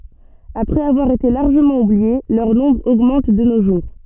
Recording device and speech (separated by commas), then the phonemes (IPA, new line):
soft in-ear microphone, read sentence
apʁɛz avwaʁ ete laʁʒəmɑ̃ ublie lœʁ nɔ̃bʁ oɡmɑ̃t də no ʒuʁ